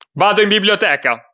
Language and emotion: Italian, angry